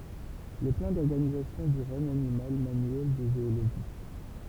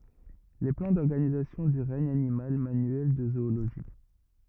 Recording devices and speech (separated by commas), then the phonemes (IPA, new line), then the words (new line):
temple vibration pickup, rigid in-ear microphone, read sentence
le plɑ̃ dɔʁɡanizasjɔ̃ dy ʁɛɲ animal manyɛl də zooloʒi
Les plans d’organisation du regne animal, manuel de zoologie.